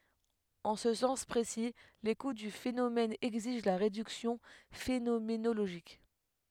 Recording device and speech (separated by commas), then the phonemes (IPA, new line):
headset microphone, read sentence
ɑ̃ sə sɑ̃s pʁesi lekut dy fenomɛn ɛɡziʒ la ʁedyksjɔ̃ fenomenoloʒik